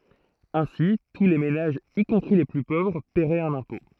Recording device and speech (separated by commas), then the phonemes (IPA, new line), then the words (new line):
throat microphone, read sentence
ɛ̃si tu le menaʒz i kɔ̃pʁi le ply povʁ pɛʁɛt œ̃n ɛ̃pɔ̃
Ainsi, tous les ménages, y compris les plus pauvres, paieraient un impôt.